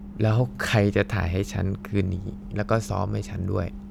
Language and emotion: Thai, neutral